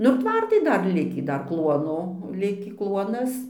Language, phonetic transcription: Lithuanian, nu ir ˈtvartai ˈdar ˈlikį ˈdar ˈkluono ˈlikį ˈkluonas

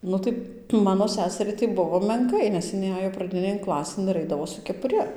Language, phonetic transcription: Lithuanian, ˈnu tai ˈmano ˈseseriai tai ˈbuvo menˈkai nes iˈnai ˈajo praˈdinėn ˈklasėn ir ˈaidavo su kepuˈri

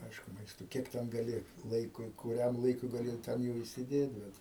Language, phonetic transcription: Lithuanian, ˈaišku ˈmaisto ˈkiek ten gaˈli ˈlaikui kuˈriam laiˈkui gaˈli ˈten jau įsiˈdėt ˈbet

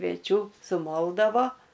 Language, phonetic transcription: Lithuanian, kvieˈčių suˈmoldavo

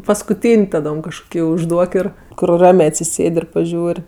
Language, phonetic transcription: Lithuanian, paskuˈtyn' taˈdom kažˈkoki užˈduok ir kur ˈramė atsiˈsėd' ir paˈžiūr'

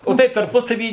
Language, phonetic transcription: Lithuanian, o ˈtaip tarˈpusavy

